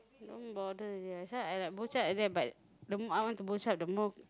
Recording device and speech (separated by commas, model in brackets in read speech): close-talking microphone, conversation in the same room